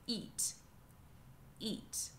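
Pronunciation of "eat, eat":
'Eat' is said twice, and each time the word starts with a glottal stop, not with a y glide.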